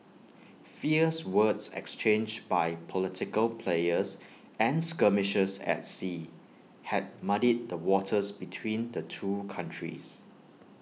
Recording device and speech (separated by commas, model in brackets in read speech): mobile phone (iPhone 6), read sentence